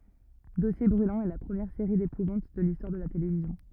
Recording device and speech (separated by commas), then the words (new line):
rigid in-ear microphone, read sentence
Dossiers Brûlants est la première série d'épouvante de l'histoire de la télévision.